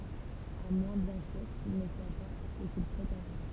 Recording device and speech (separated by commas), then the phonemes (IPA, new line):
temple vibration pickup, read sentence
a mwɛ̃ bjɛ̃ syʁ kil nə swa pa sə kil pʁetɑ̃t ɛtʁ